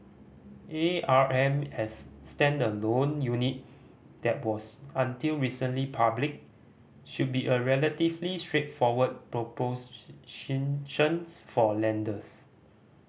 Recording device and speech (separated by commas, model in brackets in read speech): boundary microphone (BM630), read sentence